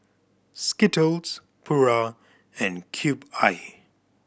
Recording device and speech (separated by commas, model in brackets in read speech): boundary microphone (BM630), read sentence